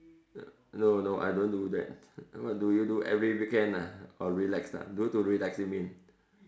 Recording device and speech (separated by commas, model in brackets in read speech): standing microphone, conversation in separate rooms